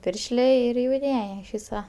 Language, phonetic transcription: Lithuanian, ˈpiršlė ˈir jauˈniej iš ˈvysa

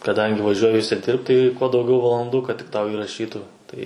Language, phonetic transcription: Lithuanian, kaˈdangi vaˈžiuoji užsiˈdirbt tai kuo dauˈgiau valanˈdų kad tik ˈtau iraˈšytų ˈtai

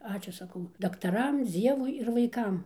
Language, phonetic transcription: Lithuanian, ˈačiū saˈkau daktaˈram ˈdzievui ir vaiˈkam

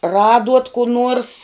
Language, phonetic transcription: Lithuanian, ˈraduot ku ˈnuors

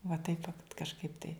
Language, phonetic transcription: Lithuanian, va taip va kažˈkaip tai

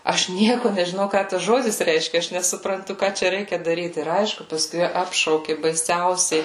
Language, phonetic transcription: Lithuanian, ˈaš ˈnieku nežiˈnau ˈką tas ˈžodis ˈreiškia ˈaš nesupranˈtu ˈką čia ˈreikia daˈryt ir ˈaišku paˈskui ˈapšauki baiˈsiausiai

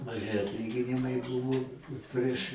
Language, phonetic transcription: Lithuanian, maˈži atˈlyginimai ˈbuvo ˈprieš

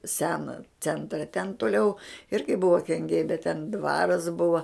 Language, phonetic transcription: Lithuanian, ˈseno ˈcentra ten tuˈliau ˈirgi ˈbuvo kenˈgiai bet ten ˈdvaras ˈbuva

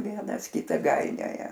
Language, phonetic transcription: Lithuanian, ˈvienas ˈkitą ˈgainioja

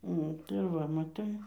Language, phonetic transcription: Lithuanian, ˈnu tai ˈva maˈtai

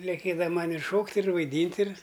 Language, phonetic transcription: Lithuanian, leˈkėda ˈman' ir ˈšokt' ir vaiˈdynt' ir

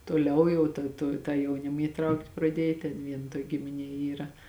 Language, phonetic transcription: Lithuanian, toˈliau jau ta to ˈtą jauˈnim įˈtraukt' praˈdiej ten ˈvien ˈtuok' gimiˈnie ˈyra

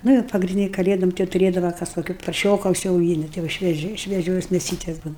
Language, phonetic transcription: Lithuanian, ˈnu jau pagrinˈdyni kaˈlėdom ˈtai jau tuˈrėdava ˈkas koˈki parˈšioka užsiauˈgyni ˈtai jau švieˈžiai švieˈžios mėˈsytes ˈbūna

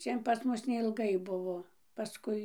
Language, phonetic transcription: Lithuanian, ˈčian pas ˈmus neilˈgai ˈbuvo paˈskui

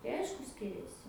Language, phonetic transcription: Lithuanian, tai ˈaišku ˈskiriasi

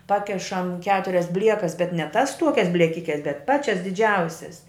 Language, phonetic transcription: Lithuanian, ˈpakešam ˈketurias ˈbliekas bet ne tas ˈtuokias blieˈkikes bet ˈpačias diˈdžiausias

